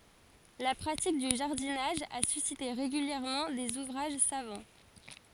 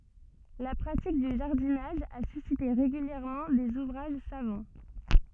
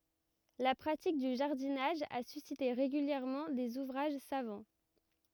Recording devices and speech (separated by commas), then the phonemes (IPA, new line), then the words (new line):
forehead accelerometer, soft in-ear microphone, rigid in-ear microphone, read sentence
la pʁatik dy ʒaʁdinaʒ a sysite ʁeɡyljɛʁmɑ̃ dez uvʁaʒ savɑ̃
La pratique du jardinage a suscité régulièrement des ouvrages savants.